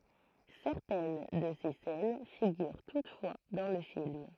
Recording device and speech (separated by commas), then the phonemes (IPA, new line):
throat microphone, read sentence
sɛʁtɛn də se sɛn fiɡyʁ tutfwa dɑ̃ lə film